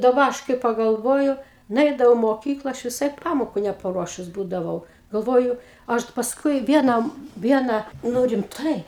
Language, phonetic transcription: Lithuanian, daˈba ˈaš kai pagalˈvoju nuˈeidavau i moˈkykla ˈaš viˈsai ˈpamoku nepaˈruošus ˈbūdavau galˈvoju ˈaš pasˈkui ˈvienam ˈviena ˈnu rimˈtai

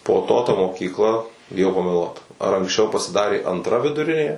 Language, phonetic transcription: Lithuanian, po ˈto ta mokykˈla biˈjau pameˈluot ar anksˈčiau pasiˈdarė antˈra viduˈrinė

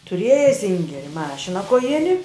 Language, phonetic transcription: Lithuanian, tuˈrieja ˈsingeri ˈmašina koˈjini

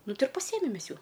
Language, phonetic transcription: Lithuanian, ˈnu ˈti ir paˈsiemem ˈmes ˈjų

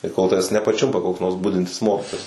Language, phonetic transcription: Lithuanian, tai kol ˈtaves nepaˈčiumpa koks ˈnors ˈbudintis ˈmokitojas

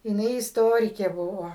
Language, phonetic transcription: Lithuanian, jiˈnai isˈtorikė ˈbuvo

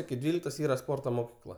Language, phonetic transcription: Lithuanian, iki ˈdvyliktos ˈyra ˈsporto moˈkykla

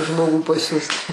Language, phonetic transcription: Lithuanian, ˈžmogų paˈsiųst

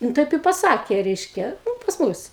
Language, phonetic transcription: Lithuanian, nu ˈtaip i paˈsakė ˈreiškia nu pas ˈmus

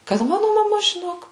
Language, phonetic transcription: Lithuanian, kad ˈmanu maˈma žiˈnok

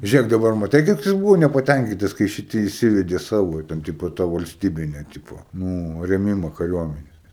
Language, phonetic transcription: Lithuanian, žiuˈrėk daˈbar maˈtei kaip ˈjis ˈbūvo nepaˈtænkytas kai šiˈti įˈsivedė ˈsavo ten ˈtipo ta valsˈtybinė ˈtipo ˈnū rėˈmima kaˈriuominės

